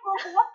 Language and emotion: Thai, happy